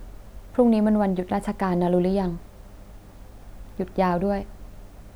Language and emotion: Thai, neutral